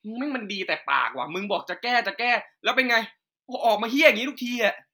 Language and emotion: Thai, angry